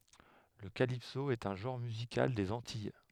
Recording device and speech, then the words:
headset microphone, read sentence
Le calypso est un genre musical des Antilles.

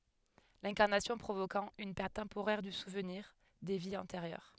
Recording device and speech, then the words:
headset microphone, read sentence
L'incarnation provoquant une perte temporaire du souvenir des vies antérieures.

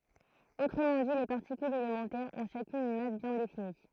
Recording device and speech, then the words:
throat microphone, read sentence
Autrement dit, les particules élémentaires ont chacune une masse bien définie.

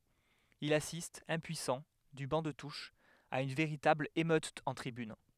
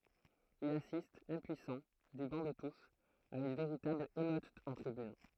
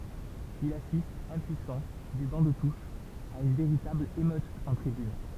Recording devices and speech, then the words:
headset microphone, throat microphone, temple vibration pickup, read sentence
Il assiste impuissant, du banc de touche, à une véritable émeute en tribune.

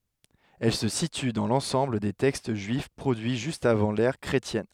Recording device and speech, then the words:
headset microphone, read sentence
Elle se situe dans l'ensemble des textes juifs produits juste avant l'ère chrétienne.

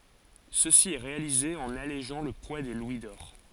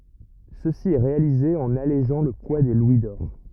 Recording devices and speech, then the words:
forehead accelerometer, rigid in-ear microphone, read sentence
Ceci est réalisé en allégeant le poids des louis d'or.

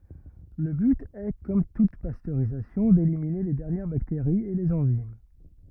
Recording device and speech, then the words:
rigid in-ear microphone, read sentence
Le but est, comme toute pasteurisation, d'éliminer les dernières bactéries et les enzymes.

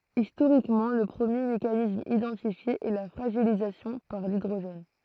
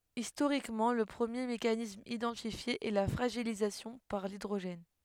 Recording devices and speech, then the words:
throat microphone, headset microphone, read sentence
Historiquement, le premier mécanisme identifié est la fragilisation par l'hydrogène.

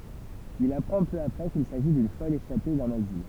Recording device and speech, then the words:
temple vibration pickup, read sentence
Il apprend peu après qu'il s'agit d'une folle échappée d'un asile.

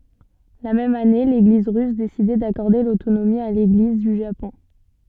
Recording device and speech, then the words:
soft in-ear microphone, read sentence
La même année, l'Église russe décidait d'accorder l'autonomie à l'Église du Japon.

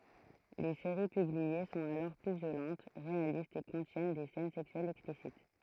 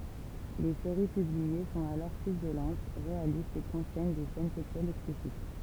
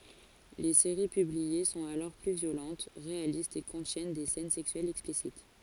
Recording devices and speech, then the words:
throat microphone, temple vibration pickup, forehead accelerometer, read sentence
Les séries publiées sont alors plus violentes, réalistes et contiennent des scènes sexuelles explicites.

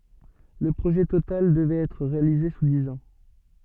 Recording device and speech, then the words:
soft in-ear microphone, read sentence
Le projet total devrait être réalisé sous dix ans.

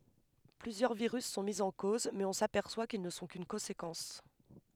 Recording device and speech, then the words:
headset microphone, read sentence
Plusieurs virus sont mis en cause, mais on s'aperçoit qu'ils ne sont qu'une conséquence.

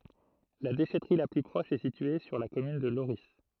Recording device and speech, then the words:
throat microphone, read sentence
La déchèterie la plus proche est située sur la commune de Lorris.

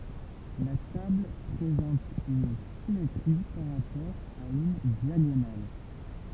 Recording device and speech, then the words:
temple vibration pickup, read sentence
La table présente une symétrie par rapport à une diagonale.

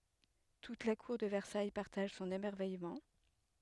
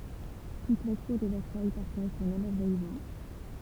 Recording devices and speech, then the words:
headset microphone, temple vibration pickup, read sentence
Toute la Cour de Versailles partage son émerveillement.

